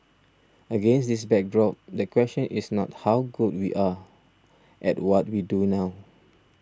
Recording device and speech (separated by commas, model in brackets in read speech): standing microphone (AKG C214), read sentence